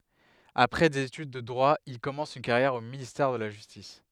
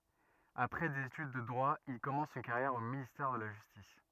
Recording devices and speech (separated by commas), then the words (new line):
headset microphone, rigid in-ear microphone, read sentence
Après des études de droit, il commence une carrière au ministère de la justice.